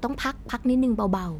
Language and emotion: Thai, neutral